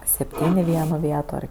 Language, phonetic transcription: Lithuanian, sepˈtyn' i ˈvieno ˈvieto ˈar

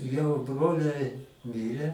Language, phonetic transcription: Lithuanian, jau ˈbroliai ˈmyre

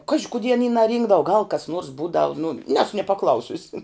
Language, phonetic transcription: Lithuanian, ˈkaži kuˈdie aˈny naˈrynkdavu gal kas nuors ˈbūdavu nu ˈnesu nie paˈklausiusi

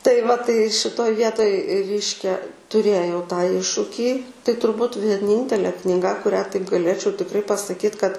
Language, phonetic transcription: Lithuanian, tai va tai šiˈtoj ˈvietoj ˈreiškia tuˈrėjau tą ˈiššukį tai turˈbūt vieˈnyntele kniˈga kuˈrią taip gaˈlėčiau tikˈrai pasaˈkyt kad

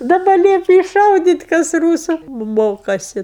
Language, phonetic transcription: Lithuanian, daˈba ˈliepi iššaudyt' kas ˈrūsu m ˈmokasi

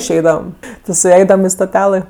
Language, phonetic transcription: Lithuanian, išˈeidavam ˈvis' suˈaidavam i stoˈtialɘ

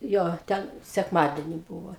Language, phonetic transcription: Lithuanian, ˈjo ˈten sekˈmadeni ˈbūvo

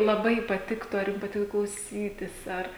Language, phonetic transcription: Lithuanian, laˈbai patikˈtu ar ˈjum paˈtika klauˈsytis ˈar

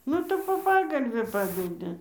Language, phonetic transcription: Lithuanian, ˈnu tai po ˈpagalvi ˈpadedi

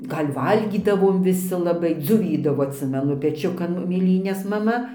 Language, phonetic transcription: Lithuanian, ˈgal' ˈvalgydavom viˈsi laˈbai dzoˈvydavo atˈsimenu peˈčiukan mėˈlynes maˈma

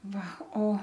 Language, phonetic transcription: Lithuanian, ˈva o

